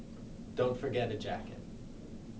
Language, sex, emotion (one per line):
English
male
neutral